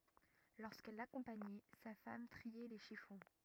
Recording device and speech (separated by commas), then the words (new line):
rigid in-ear microphone, read sentence
Lorsqu’elle l’accompagnait, sa femme triait les chiffons.